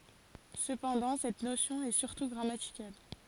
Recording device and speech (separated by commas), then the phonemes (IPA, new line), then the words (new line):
forehead accelerometer, read sentence
səpɑ̃dɑ̃ sɛt nosjɔ̃ ɛ syʁtu ɡʁamatikal
Cependant, cette notion est surtout grammaticale.